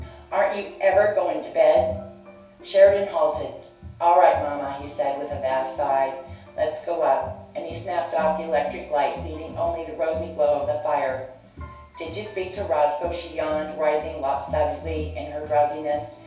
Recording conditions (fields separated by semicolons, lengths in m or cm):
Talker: one person; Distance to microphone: 3.0 m; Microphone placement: far; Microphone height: 1.8 m; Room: small (3.7 m by 2.7 m); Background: music